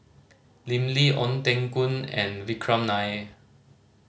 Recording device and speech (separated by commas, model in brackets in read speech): mobile phone (Samsung C5010), read sentence